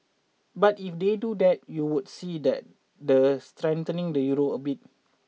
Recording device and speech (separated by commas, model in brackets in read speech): mobile phone (iPhone 6), read sentence